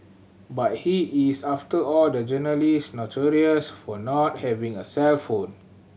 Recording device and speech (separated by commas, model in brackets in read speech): mobile phone (Samsung C7100), read sentence